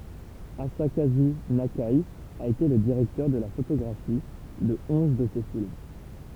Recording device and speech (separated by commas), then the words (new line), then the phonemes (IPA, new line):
temple vibration pickup, read sentence
Asakazu Nakai a été le directeur de la photographie de onze de ses films.
azakazy nake a ete lə diʁɛktœʁ də la fotoɡʁafi də ɔ̃z də se film